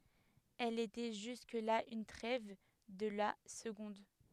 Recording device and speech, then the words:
headset microphone, read sentence
Elle était jusque-là une trève de la seconde.

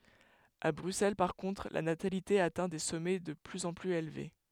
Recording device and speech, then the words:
headset microphone, read sentence
À Bruxelles par contre, la natalité atteint des sommets de plus en plus élevés.

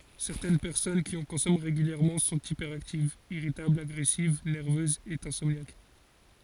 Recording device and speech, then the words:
forehead accelerometer, read sentence
Certaines personnes qui en consomment régulièrement sont hyperactives, irritables, agressives, nerveuses, et insomniaques.

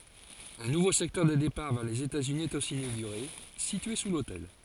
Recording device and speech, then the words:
forehead accelerometer, read sentence
Un nouveau secteur des départs vers les États-Unis est aussi inauguré, situé sous l'hôtel.

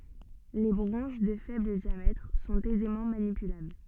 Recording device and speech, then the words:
soft in-ear microphone, read sentence
Les branches de faible diamètre sont aisément manipulables.

